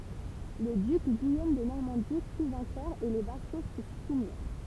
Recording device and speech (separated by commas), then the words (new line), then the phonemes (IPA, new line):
temple vibration pickup, read sentence
Le duc Guillaume de Normandie fut vainqueur et les vassaux se soumirent.
lə dyk ɡijom də nɔʁmɑ̃di fy vɛ̃kœʁ e le vaso sə sumiʁ